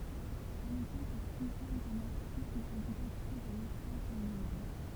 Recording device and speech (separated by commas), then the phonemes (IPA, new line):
temple vibration pickup, read sentence
œ̃n ɛɡzɑ̃pl tʁivjal də mɔʁfism ɛ lidɑ̃tite dœ̃n ɛspas dɑ̃ lyi mɛm